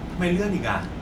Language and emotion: Thai, frustrated